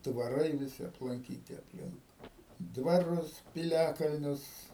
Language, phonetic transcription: Lithuanian, dvaˈrai viˈsi aplanˈkyti apˈlink dvaˈrus piˈliakalnius

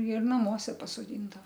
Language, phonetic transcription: Lithuanian, ir naˈmuose pasoˈdindava

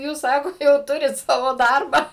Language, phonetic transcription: Lithuanian, ˈjūs ˈsako jau ˈturit ˈsavo ˈdarbą

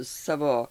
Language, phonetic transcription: Lithuanian, ˈsavo

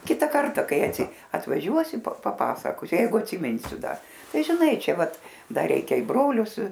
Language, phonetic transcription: Lithuanian, ˈkita ˈkarta ˈkai atvaˈžiuosi pa paˈpasakosiu ˈjeigu atsiˈminsiu ˈda ˈtai žiˈnai ˈčia ˈvat ˈdar ˈreikia i ˈbrolius

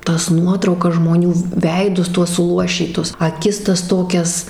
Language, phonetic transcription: Lithuanian, ˈtas ˈnuotraukas žmoˈnių ˈveidus ˈtuos suˈluošytus aˈkis ˈtas ˈtokias

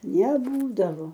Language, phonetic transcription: Lithuanian, neˈbūdavo

